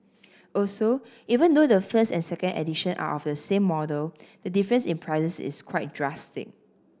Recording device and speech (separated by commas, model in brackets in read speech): standing microphone (AKG C214), read sentence